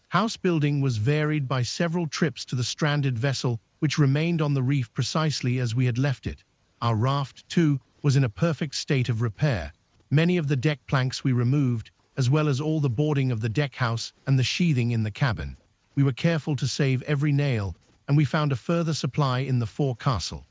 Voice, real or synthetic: synthetic